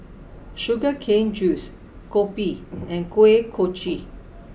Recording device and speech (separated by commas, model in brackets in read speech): boundary microphone (BM630), read sentence